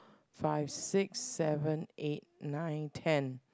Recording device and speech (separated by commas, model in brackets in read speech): close-talking microphone, conversation in the same room